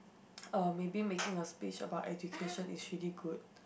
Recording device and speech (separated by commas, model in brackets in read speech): boundary microphone, conversation in the same room